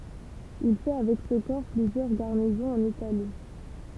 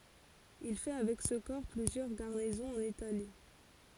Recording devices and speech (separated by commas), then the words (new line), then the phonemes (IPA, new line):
temple vibration pickup, forehead accelerometer, read sentence
Il fait avec ce corps plusieurs garnisons en Italie.
il fɛ avɛk sə kɔʁ plyzjœʁ ɡaʁnizɔ̃z ɑ̃n itali